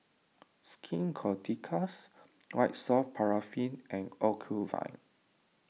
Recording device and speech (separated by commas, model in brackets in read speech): mobile phone (iPhone 6), read sentence